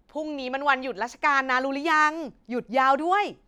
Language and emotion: Thai, happy